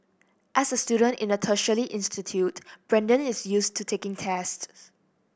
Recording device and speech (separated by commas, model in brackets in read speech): boundary microphone (BM630), read sentence